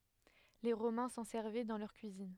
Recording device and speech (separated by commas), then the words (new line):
headset microphone, read sentence
Les Romains s'en servaient dans leur cuisine.